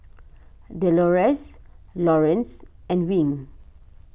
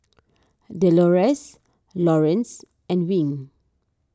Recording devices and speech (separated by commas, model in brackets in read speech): boundary microphone (BM630), standing microphone (AKG C214), read sentence